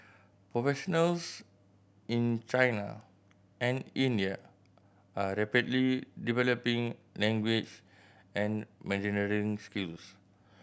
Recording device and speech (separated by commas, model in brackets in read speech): boundary microphone (BM630), read sentence